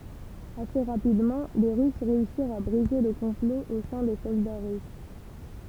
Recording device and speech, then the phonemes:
temple vibration pickup, read sentence
ase ʁapidmɑ̃ le ʁys ʁeysiʁt a bʁize lə kɔ̃plo o sɛ̃ de sɔlda ʁys

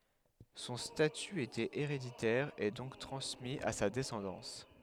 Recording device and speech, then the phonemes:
headset microphone, read sentence
sɔ̃ staty etɛt eʁeditɛʁ e dɔ̃k tʁɑ̃smi a sa dɛsɑ̃dɑ̃s

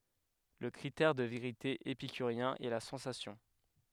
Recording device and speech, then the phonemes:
headset microphone, read sentence
lə kʁitɛʁ də veʁite epikyʁjɛ̃ ɛ la sɑ̃sasjɔ̃

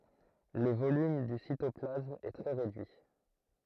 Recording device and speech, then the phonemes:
throat microphone, read sentence
lə volym dy sitɔplasm ɛ tʁɛ ʁedyi

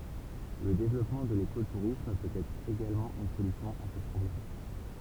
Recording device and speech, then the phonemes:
temple vibration pickup, read sentence
lə devlɔpmɑ̃ də leko tuʁism pøt ɛtʁ eɡalmɑ̃ yn solysjɔ̃ a sə pʁɔblɛm

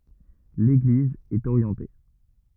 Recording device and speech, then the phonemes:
rigid in-ear microphone, read sentence
leɡliz ɛt oʁjɑ̃te

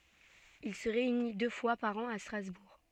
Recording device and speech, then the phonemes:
soft in-ear microphone, read sentence
il sə ʁeyni dø fwa paʁ ɑ̃ a stʁazbuʁ

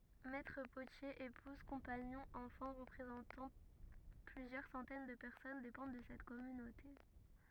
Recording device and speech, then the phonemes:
rigid in-ear microphone, read sentence
mɛtʁ potjez epuz kɔ̃paɲɔ̃z ɑ̃fɑ̃ ʁəpʁezɑ̃tɑ̃ plyzjœʁ sɑ̃tɛn də pɛʁsɔn depɑ̃d də sɛt kɔmynote

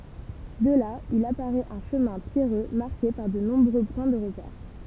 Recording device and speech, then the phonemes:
temple vibration pickup, read sentence
də la il apaʁɛt œ̃ ʃəmɛ̃ pjɛʁø maʁke paʁ də nɔ̃bʁø pwɛ̃ də ʁəpɛʁ

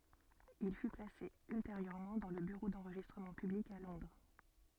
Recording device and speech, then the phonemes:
soft in-ear microphone, read sentence
il fy plase ylteʁjøʁmɑ̃ dɑ̃ lə byʁo dɑ̃ʁʒistʁəmɑ̃ pyblik a lɔ̃dʁ

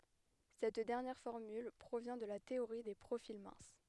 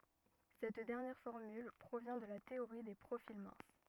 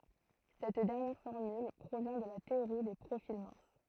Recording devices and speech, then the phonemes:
headset microphone, rigid in-ear microphone, throat microphone, read sentence
sɛt dɛʁnjɛʁ fɔʁmyl pʁovjɛ̃ də la teoʁi de pʁofil mɛ̃s

